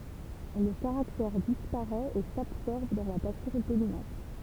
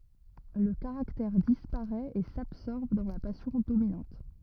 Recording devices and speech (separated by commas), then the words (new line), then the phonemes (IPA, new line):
temple vibration pickup, rigid in-ear microphone, read sentence
Le caractère disparaît et s'absorbe dans la passion dominante.
lə kaʁaktɛʁ dispaʁɛt e sabsɔʁb dɑ̃ la pasjɔ̃ dominɑ̃t